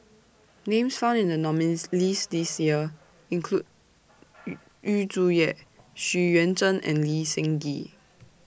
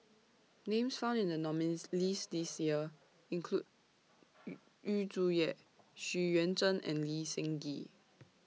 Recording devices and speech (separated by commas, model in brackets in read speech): boundary microphone (BM630), mobile phone (iPhone 6), read sentence